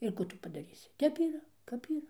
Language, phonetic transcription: Lithuanian, ir ˈkų tu padaˈrysi ˈtep yˈra ˈkap yˈra

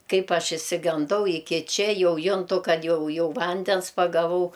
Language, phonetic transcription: Lithuanian, ˈkaip ˈaš išsiganˈdau iˈki ˈčia ˈjau ˈjuntu ˈkad ˈjau ˈjau ˈvandens pagaˈvau

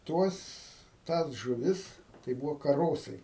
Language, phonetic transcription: Lithuanian, ˈtuos ˈtąs žuˈvis tai ˈbūvo kaˈrosai

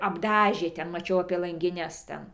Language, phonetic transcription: Lithuanian, apˈdažė ˈten maˈčiau apie langiˈnes ˈten

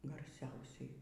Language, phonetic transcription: Lithuanian, garˈsiausiai

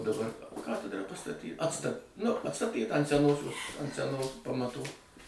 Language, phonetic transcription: Lithuanian, daˈbar ˈkatedra pastaˈty ˈatsta nu atˈstatyta ant seˈnosios ant seˈnos pamatų

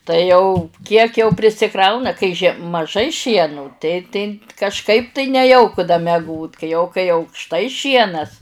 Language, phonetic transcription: Lithuanian, tai jau ˈkiek jau prisiˈkrauna kai žie maˈžai ˈšienu tai tai kažˈkaip tai neˈjauku da meˈgot kai jau kai aukšˈtai ˈšienas

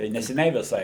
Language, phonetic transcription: Lithuanian, tai neseˈniai viˈsai

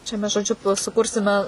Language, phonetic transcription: Lithuanian, čia ˈmes žoˈdžiu tuoj suˈkursime

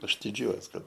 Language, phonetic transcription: Lithuanian, ˈaš diˈdžiuojuos ˈkad

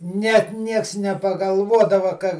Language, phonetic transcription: Lithuanian, ˈnet ˈnieks nepagalˈvuodava ka

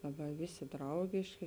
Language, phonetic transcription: Lithuanian, laˈbai ˈvėˌsė ˈdraugėškė

